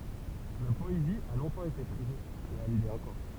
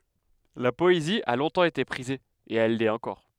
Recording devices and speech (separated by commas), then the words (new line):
temple vibration pickup, headset microphone, read sentence
La poésie a longtemps été prisée, et elle l'est encore.